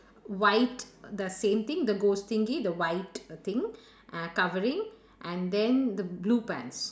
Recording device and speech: standing microphone, conversation in separate rooms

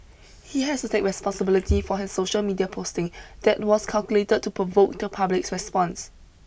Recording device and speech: boundary microphone (BM630), read sentence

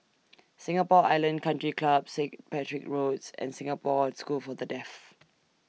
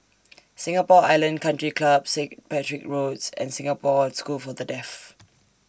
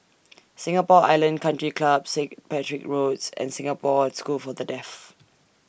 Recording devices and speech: mobile phone (iPhone 6), standing microphone (AKG C214), boundary microphone (BM630), read sentence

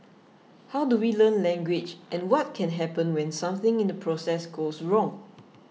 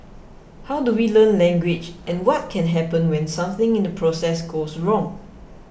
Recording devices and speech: mobile phone (iPhone 6), boundary microphone (BM630), read sentence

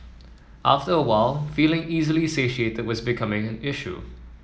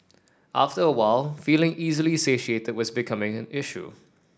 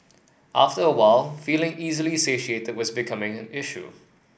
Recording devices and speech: mobile phone (iPhone 7), standing microphone (AKG C214), boundary microphone (BM630), read sentence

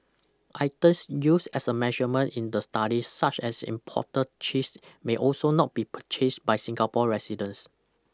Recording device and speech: close-talking microphone (WH20), read sentence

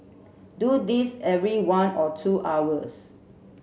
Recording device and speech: mobile phone (Samsung C7), read sentence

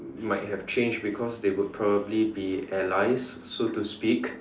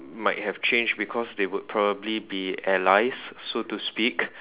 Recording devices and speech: standing microphone, telephone, conversation in separate rooms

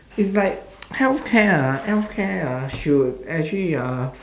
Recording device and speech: standing microphone, conversation in separate rooms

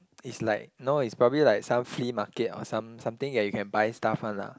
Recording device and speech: close-talking microphone, conversation in the same room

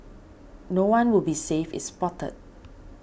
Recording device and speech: boundary microphone (BM630), read sentence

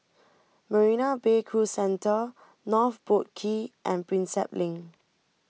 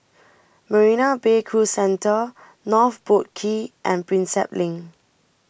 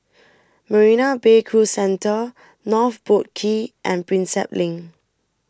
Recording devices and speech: mobile phone (iPhone 6), boundary microphone (BM630), standing microphone (AKG C214), read sentence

